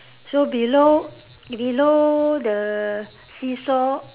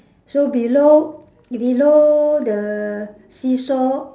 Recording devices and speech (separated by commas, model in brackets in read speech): telephone, standing microphone, conversation in separate rooms